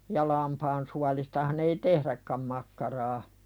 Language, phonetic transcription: Finnish, ja 'lampaan sualistahan ‿ei "tehðäkka̳m makkaraa .
- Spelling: ja lampaan suolistahan ei tehdäkään makkaraa

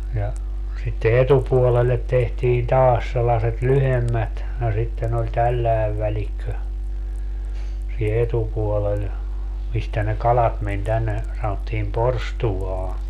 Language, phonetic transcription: Finnish, ja , sitte "etupuolellet tehtiin 'taas sellaset "lyhemmät , no sitten ‿oĺ 'tälläev 'välikkö , sii(n) 'etupuolel , 'mistä ne "kalat men 'tänne , sanottiim "porstuwaa .
- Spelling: ja sitten etupuolelle tehtiin taas sellaiset lyhyemmät no sitten oli tällainen välikkö siinä etupuolella mistä ne kalat meni tänne sanottiin porstuaan

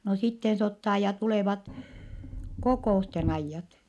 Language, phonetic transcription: Finnish, no sitten se ottaa ja tulèvat , kokò₍usten ‿aijjat .
- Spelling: no sitten se ottaa ja tulevat kokousten ajat

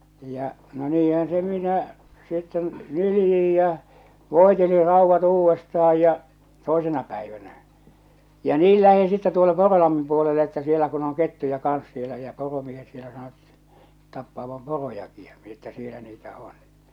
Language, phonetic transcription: Finnish, ja , no "niihän se 'minä , sitten 'nyljij jä͔ , 'vòeteli 'ràuvvat uuvvestah̬aj ja , 'tòesena pä̀ivänä , ja 'niil lähiḭ sitte tuo(lle) 'Kòrolammim puolele että sielä kun ‿oŋ 'kettuja kans sielä ja 'poromiehet sielä sanot , 'tappaavam "porojaki ᴊᴀ , mi ‿että 'sielä niitä 'on .
- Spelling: ja no niinhän se minä sitten nyljin ja voitelin raudat uudestaan ja toisena päivänä ja niin lähti sitten tuolle Korolammin puolelle että siellä kun on kettuja kanssa siellä ja poromiehet siellä sanoivat tappavan porojakin ja minä että siellä niitä on

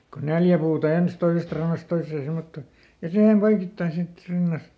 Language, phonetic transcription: Finnish, ko ˈneljä puuta "ens , ˈtoisest rannast ˈtois̆see ˈsemmottò , ja ˈsihem ˈpoikittain ˈsit , ˈrinnas- ,.
- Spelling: kun neljä puuta ensin toisesta rannasta toiseen semmottoon ja siihen poikittain sitten -

